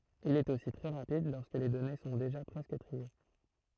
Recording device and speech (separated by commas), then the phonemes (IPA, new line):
throat microphone, read sentence
il ɛt osi tʁɛ ʁapid lɔʁskə le dɔne sɔ̃ deʒa pʁɛskə tʁie